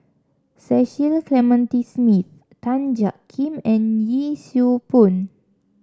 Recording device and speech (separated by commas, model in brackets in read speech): standing microphone (AKG C214), read sentence